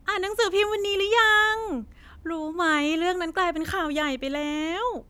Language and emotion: Thai, happy